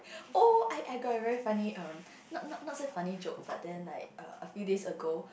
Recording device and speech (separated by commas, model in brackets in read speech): boundary microphone, conversation in the same room